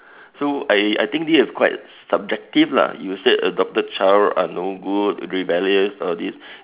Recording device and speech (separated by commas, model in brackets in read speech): telephone, conversation in separate rooms